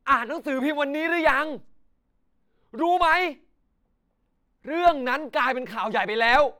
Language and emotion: Thai, angry